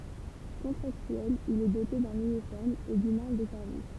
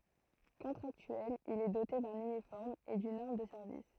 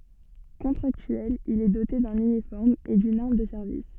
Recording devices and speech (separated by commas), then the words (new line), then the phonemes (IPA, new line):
temple vibration pickup, throat microphone, soft in-ear microphone, read sentence
Contractuel, il est doté d'un uniforme et d’une arme de service.
kɔ̃tʁaktyɛl il ɛ dote dœ̃n ynifɔʁm e dyn aʁm də sɛʁvis